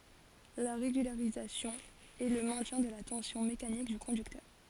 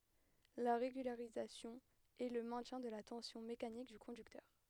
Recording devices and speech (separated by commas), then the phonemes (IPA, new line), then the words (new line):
forehead accelerometer, headset microphone, read sentence
la ʁeɡylaʁizasjɔ̃ ɛ lə mɛ̃tjɛ̃ də la tɑ̃sjɔ̃ mekanik dy kɔ̃dyktœʁ
La régularisation est le maintien de la tension mécanique du conducteur.